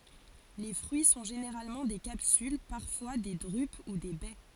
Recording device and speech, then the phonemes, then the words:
forehead accelerometer, read sentence
le fʁyi sɔ̃ ʒeneʁalmɑ̃ de kapsyl paʁfwa de dʁyp u de bɛ
Les fruits sont généralement des capsules, parfois des drupes ou des baies.

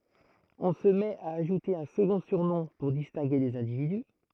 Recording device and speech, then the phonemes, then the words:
throat microphone, read sentence
ɔ̃ sə mɛt a aʒute œ̃ səɡɔ̃ syʁnɔ̃ puʁ distɛ̃ɡe lez ɛ̃dividy
On se met à ajouter un second surnom pour distinguer les individus.

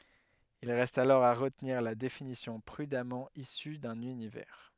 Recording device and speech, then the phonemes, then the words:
headset microphone, read sentence
il ʁɛst alɔʁ a ʁətniʁ la definisjɔ̃ pʁydamɑ̃ isy dœ̃n ynivɛʁ
Il reste alors à retenir la définition prudemment issue d’un univers.

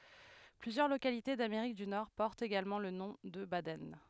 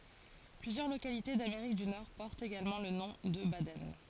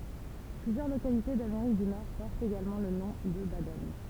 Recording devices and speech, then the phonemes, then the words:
headset microphone, forehead accelerometer, temple vibration pickup, read sentence
plyzjœʁ lokalite dameʁik dy nɔʁ pɔʁtt eɡalmɑ̃ lə nɔ̃ də badɛn
Plusieurs localités d'Amérique du Nord portent également le nom de Baden.

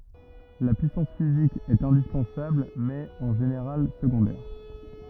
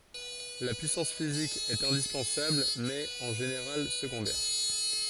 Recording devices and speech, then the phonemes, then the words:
rigid in-ear microphone, forehead accelerometer, read sentence
la pyisɑ̃s fizik ɛt ɛ̃dispɑ̃sabl mɛz ɛt ɑ̃ ʒeneʁal səɡɔ̃dɛʁ
La puissance physique est indispensable mais est en général secondaire.

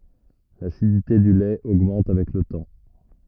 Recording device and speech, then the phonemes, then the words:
rigid in-ear microphone, read sentence
lasidite dy lɛt oɡmɑ̃t avɛk lə tɑ̃
L'acidité du lait augmente avec le temps.

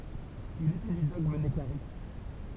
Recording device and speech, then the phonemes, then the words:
temple vibration pickup, read sentence
il etɛ dy dɔɡm nəkaʁit
Il était du dogme nekarites.

